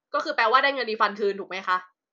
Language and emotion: Thai, angry